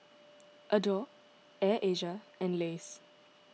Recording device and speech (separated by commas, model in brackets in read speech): mobile phone (iPhone 6), read sentence